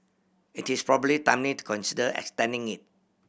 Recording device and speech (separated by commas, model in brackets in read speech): boundary microphone (BM630), read sentence